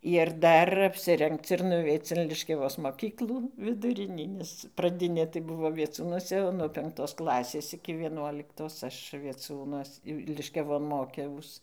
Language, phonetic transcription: Lithuanian, ir ˈdar apsiˈrengc ir nuˈveic in liškiaˈvos moˈkyklų viduˈrinį nes praˈdinė tai ˈbuvo vieˈcūnuose nuo penkˈtos ˈklasės iki vieˈnuoliktos ˈaš vieˈciūnuos jau liškiaˈvon ˈmokiaus

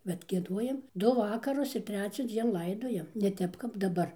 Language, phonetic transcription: Lithuanian, bet gieˈduojam ˈdu ˈvakarus ir ˈtreciaˌdzien ˈlaidojam ne ˈtep kap daˈbar

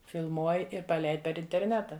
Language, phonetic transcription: Lithuanian, filˈmuoj ir paˈleid per interˈneta

